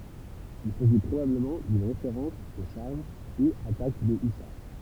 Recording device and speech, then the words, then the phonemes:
temple vibration pickup, read sentence
Il s’agit probablement d’une référence aux charges, ou attaques des hussards.
il saʒi pʁobabləmɑ̃ dyn ʁefeʁɑ̃s o ʃaʁʒ u atak de ysaʁ

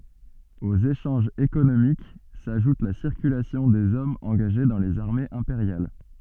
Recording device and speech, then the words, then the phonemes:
soft in-ear microphone, read sentence
Aux échanges économiques s'ajoute la circulation des hommes engagés dans les armées impériales.
oz eʃɑ̃ʒz ekonomik saʒut la siʁkylasjɔ̃ dez ɔmz ɑ̃ɡaʒe dɑ̃ lez aʁmez ɛ̃peʁjal

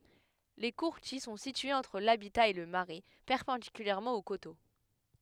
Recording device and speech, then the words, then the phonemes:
headset microphone, read sentence
Les courtils sont situés entre l'habitat et le marais, perpendiculairement au coteau.
le kuʁtil sɔ̃ sityez ɑ̃tʁ labita e lə maʁɛ pɛʁpɑ̃dikylɛʁmɑ̃ o koto

